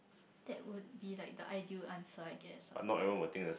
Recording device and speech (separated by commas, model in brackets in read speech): boundary microphone, conversation in the same room